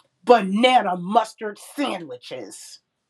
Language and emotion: English, angry